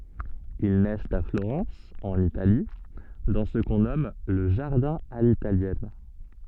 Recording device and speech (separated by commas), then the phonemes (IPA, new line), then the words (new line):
soft in-ear microphone, read sentence
il nɛst a floʁɑ̃s ɑ̃n itali dɑ̃ sə kɔ̃ nɔm lə ʒaʁdɛ̃ a litaljɛn
Ils naissent à Florence, en Italie, dans ce qu'on nomme le jardin à l'italienne.